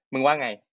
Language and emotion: Thai, angry